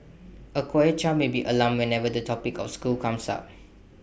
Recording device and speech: boundary microphone (BM630), read sentence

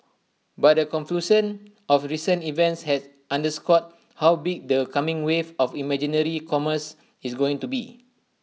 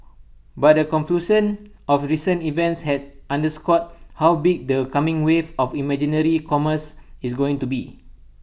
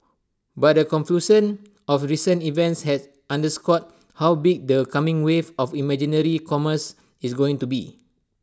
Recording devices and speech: mobile phone (iPhone 6), boundary microphone (BM630), standing microphone (AKG C214), read sentence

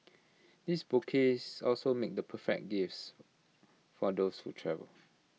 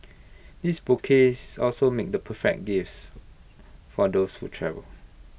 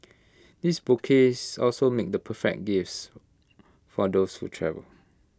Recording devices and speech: mobile phone (iPhone 6), boundary microphone (BM630), close-talking microphone (WH20), read sentence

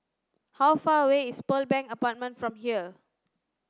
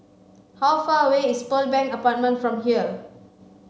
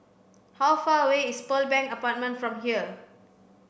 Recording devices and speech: standing microphone (AKG C214), mobile phone (Samsung C5), boundary microphone (BM630), read sentence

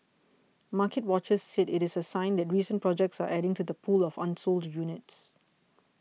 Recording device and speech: mobile phone (iPhone 6), read sentence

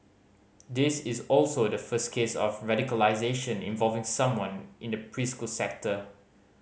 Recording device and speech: mobile phone (Samsung C5010), read sentence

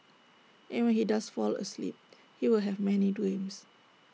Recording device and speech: mobile phone (iPhone 6), read sentence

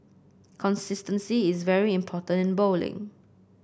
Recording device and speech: boundary microphone (BM630), read sentence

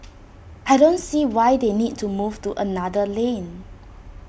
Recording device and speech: boundary microphone (BM630), read sentence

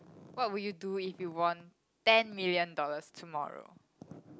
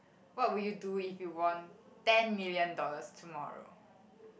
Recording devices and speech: close-talking microphone, boundary microphone, conversation in the same room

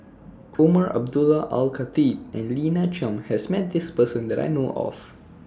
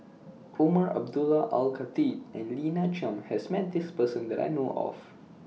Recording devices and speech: standing microphone (AKG C214), mobile phone (iPhone 6), read sentence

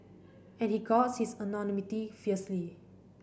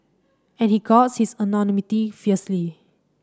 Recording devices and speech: boundary microphone (BM630), standing microphone (AKG C214), read sentence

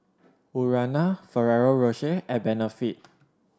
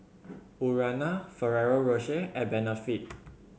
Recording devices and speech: standing microphone (AKG C214), mobile phone (Samsung C7100), read sentence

